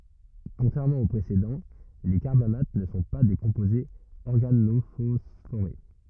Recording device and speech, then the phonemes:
rigid in-ear microphone, read sentence
kɔ̃tʁɛʁmɑ̃ o pʁesedɑ̃ le kaʁbamat nə sɔ̃ pa de kɔ̃pozez ɔʁɡanofɔsfoʁe

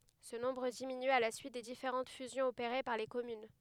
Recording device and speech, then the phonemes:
headset microphone, read sentence
sə nɔ̃bʁ diminy a la syit de difeʁɑ̃t fyzjɔ̃z opeʁe paʁ le kɔmyn

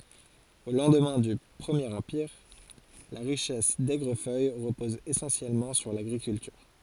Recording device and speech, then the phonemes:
forehead accelerometer, read sentence
o lɑ̃dmɛ̃ dy pʁəmjeʁ ɑ̃piʁ la ʁiʃɛs dɛɡʁəfœj ʁəpɔz esɑ̃sjɛlmɑ̃ syʁ laɡʁikyltyʁ

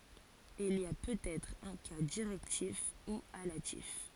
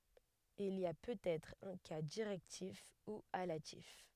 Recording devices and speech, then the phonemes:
forehead accelerometer, headset microphone, read sentence
il i a pøtɛtʁ œ̃ ka diʁɛktif u alatif

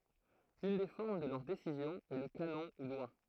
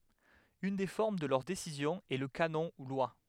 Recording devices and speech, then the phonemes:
throat microphone, headset microphone, read sentence
yn de fɔʁm də lœʁ desizjɔ̃z ɛ lə kanɔ̃ u lwa

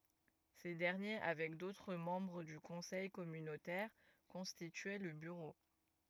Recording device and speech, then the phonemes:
rigid in-ear microphone, read sentence
se dɛʁnje avɛk dotʁ mɑ̃bʁ dy kɔ̃sɛj kɔmynotɛʁ kɔ̃stityɛ lə byʁo

